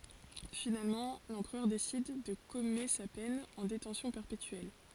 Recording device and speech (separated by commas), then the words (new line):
forehead accelerometer, read sentence
Finalement l'empereur décide de commuer sa peine en détention perpétuelle.